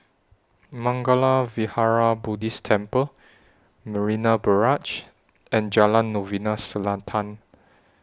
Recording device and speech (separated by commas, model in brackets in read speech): standing microphone (AKG C214), read sentence